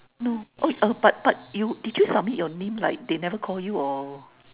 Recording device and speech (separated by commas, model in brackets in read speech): telephone, conversation in separate rooms